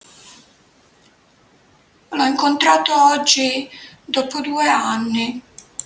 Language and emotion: Italian, sad